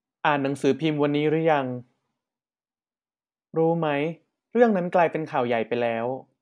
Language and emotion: Thai, neutral